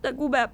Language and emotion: Thai, sad